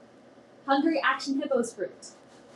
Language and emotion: English, happy